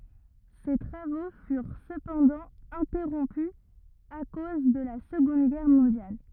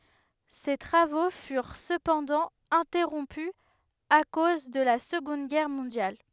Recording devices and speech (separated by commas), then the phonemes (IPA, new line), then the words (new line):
rigid in-ear microphone, headset microphone, read sentence
se tʁavo fyʁ səpɑ̃dɑ̃ ɛ̃tɛʁɔ̃py a koz də la səɡɔ̃d ɡɛʁ mɔ̃djal
Ses travaux furent cependant interrompus à cause de la Seconde Guerre mondiale.